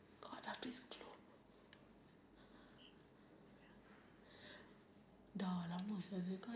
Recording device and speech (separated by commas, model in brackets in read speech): standing microphone, conversation in separate rooms